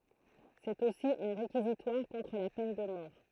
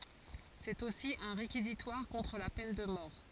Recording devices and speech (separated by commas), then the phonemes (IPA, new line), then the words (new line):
throat microphone, forehead accelerometer, read sentence
sɛt osi œ̃ ʁekizitwaʁ kɔ̃tʁ la pɛn də mɔʁ
C'est aussi un réquisitoire contre la peine de mort.